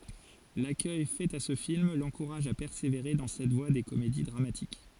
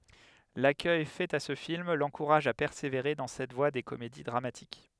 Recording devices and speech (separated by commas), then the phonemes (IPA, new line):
forehead accelerometer, headset microphone, read sentence
lakœj fɛt a sə film lɑ̃kuʁaʒ a pɛʁseveʁe dɑ̃ sɛt vwa de komedi dʁamatik